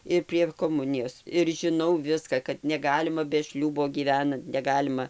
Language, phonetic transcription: Lithuanian, ir prie koˈmunijos ir žiˈnau ˈviska kad neˈgalima be ˈšliūbo gyˈvenant neˈgalima

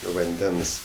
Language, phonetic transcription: Lithuanian, vanˈdens

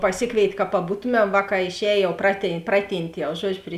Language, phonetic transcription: Lithuanian, paˈsikvėit' ka paˈbūtumem ˈvāˌkā išˈēj ˈjau praty ˈpraˌtynt' jau ˈžuodžiu pri

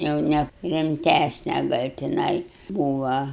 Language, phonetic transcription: Lithuanian, jau ˈne rimˈtæsne ˈgal' tiˈnai ˈbūva

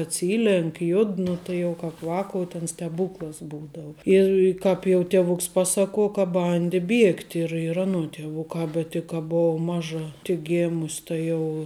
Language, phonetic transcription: Lithuanian, atˈsylenk ˈjud ˈnu tai jau ˈkāp ˈvakou ten steˈbūklas ˈbūdau ˈir ˈkāp jau tieˈvuks ˈpasaˌkuo ka ˈbandi ˈbiegti ir ir ˈanuo tieˈvukā bet tik ˈka ˈbov ˈmaža tik ˈgėmus' ˈta jau

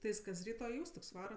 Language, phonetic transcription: Lithuanian, ti ˈjis kas ˈryto i ˈūstuk's' ˈvara

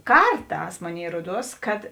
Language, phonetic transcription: Lithuanian, ˈkarˌtās ˈmoˌnėi ˈruoˌduos kad

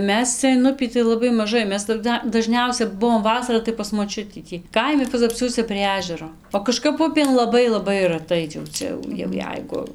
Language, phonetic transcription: Lithuanian, ˈmes ˈcia in ˈupį tai laˈbai maˈžai ˈmes taˈda daˈžniausia ˈbuvom ˈvasara tai pas moˈčiutį ˈtį ˈkaimi pazapˈsiuose prie ˈežero o kaˈžkap ˈupėn laˈbai laˈbai ˈratai jau ˈcia jau jau ˈjeigu

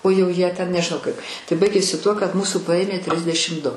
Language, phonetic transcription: Lithuanian, o jau ˈjie ten nežiˈnau ˈkaip tai ˈbaigėsi ˈtuo kad ˈmūsų ˈpaėmė ˈtrisdešim du

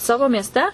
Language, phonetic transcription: Lithuanian, ˈsavo miesˈte

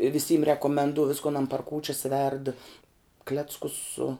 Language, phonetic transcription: Lithuanian, viˈsym rekomenˈduo ˈviskon an par ˈkūčias verd ˈkleckus su

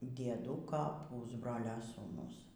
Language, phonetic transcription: Lithuanian, dieˈdūka ˈpūsbrolio sūˈnus

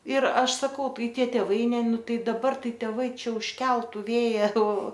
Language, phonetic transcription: Lithuanian, ir ˈaš saˈkau ˈtai ˈtie tėˈvai ˈne ˈnu ˈtai daˈbar ˈtai teˈvai ˈčia užˈkeltu ˈvėja o

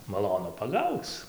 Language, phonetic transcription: Lithuanian, maˈlonu paˈgauc

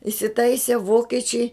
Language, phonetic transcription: Lithuanian, isiˈtaisė ˈvokiečiai

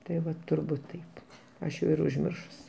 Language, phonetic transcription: Lithuanian, tai ˈva turˈbūt ˈtaip ˈaš jau ir užˈmiršusi

